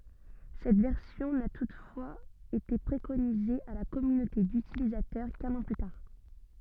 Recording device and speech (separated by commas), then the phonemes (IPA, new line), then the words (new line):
soft in-ear microphone, read sentence
sɛt vɛʁsjɔ̃ na tutfwaz ete pʁekonize a la kɔmynote dytilizatœʁ kœ̃n ɑ̃ ply taʁ
Cette version n'a toutefois été préconisée à la communauté d'utilisateurs qu'un an plus tard.